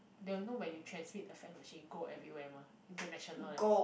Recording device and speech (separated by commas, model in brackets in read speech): boundary microphone, conversation in the same room